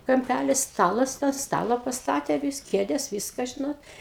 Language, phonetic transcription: Lithuanian, kamˈpælis ˈstalas tą ˈstala pasˈtatė vis ˈkėdes ˈvyska ˈžinot

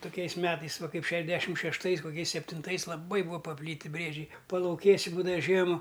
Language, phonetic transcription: Lithuanian, tuˈkiais ˈmetais ˈva ˈkaip ˈšešˌdešim šešˈtais koˈkiais septinˈtais laˈbai ˈbūa paˈplyti ˈbriedžiai palauˈkėsi ˈbūdava ˈžiema

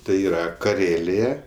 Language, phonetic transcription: Lithuanian, tai ˈyra kaˈrėlėja

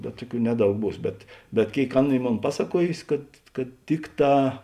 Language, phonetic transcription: Lithuanian, bet ˈtuˌkių ˈneˌdaug ˈbūs bet bet ˈkėik ˈaˌna ˈy ˈmon ˈpasaˌkuojusi kad kad ˈtikˌtā

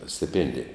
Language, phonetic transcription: Lithuanian, stiˈpėndija

